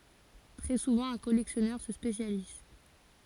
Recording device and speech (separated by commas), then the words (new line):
forehead accelerometer, read sentence
Très souvent, un collectionneur se spécialise.